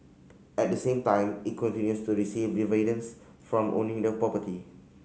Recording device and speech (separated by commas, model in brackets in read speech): mobile phone (Samsung C5010), read sentence